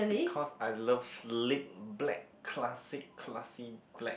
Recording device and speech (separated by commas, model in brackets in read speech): boundary microphone, conversation in the same room